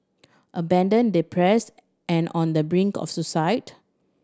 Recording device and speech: standing microphone (AKG C214), read sentence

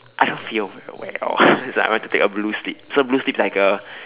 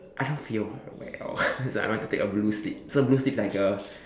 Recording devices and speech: telephone, standing microphone, conversation in separate rooms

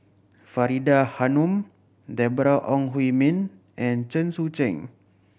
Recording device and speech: boundary microphone (BM630), read sentence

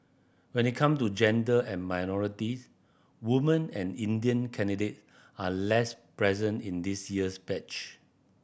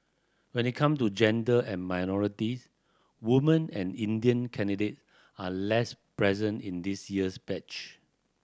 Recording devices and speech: boundary microphone (BM630), standing microphone (AKG C214), read sentence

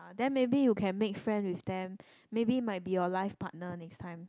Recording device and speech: close-talking microphone, conversation in the same room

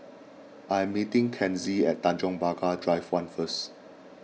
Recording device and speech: mobile phone (iPhone 6), read sentence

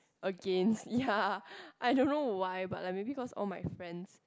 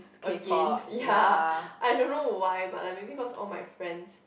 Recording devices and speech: close-talking microphone, boundary microphone, conversation in the same room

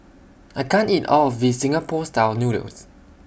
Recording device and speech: boundary microphone (BM630), read sentence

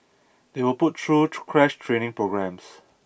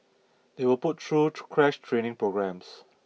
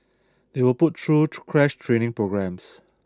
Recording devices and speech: boundary microphone (BM630), mobile phone (iPhone 6), standing microphone (AKG C214), read sentence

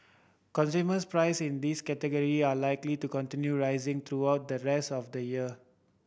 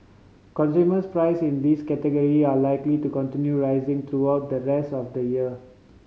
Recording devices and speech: boundary microphone (BM630), mobile phone (Samsung C5010), read sentence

